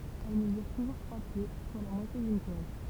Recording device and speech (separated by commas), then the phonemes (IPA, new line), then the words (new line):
temple vibration pickup, read sentence
ɛl məzyʁ tuʒuʁ tʁwa pje swa la mwatje dyn twaz
Elle mesure toujours trois pieds, soit la moitié d'une toise.